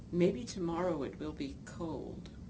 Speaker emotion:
neutral